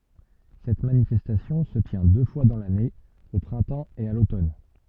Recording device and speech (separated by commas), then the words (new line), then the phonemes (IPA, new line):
soft in-ear microphone, read sentence
Cette manifestation se tient deux fois dans l'année, au printemps et à l'automne.
sɛt manifɛstasjɔ̃ sə tjɛ̃ dø fwa dɑ̃ lane o pʁɛ̃tɑ̃ e a lotɔn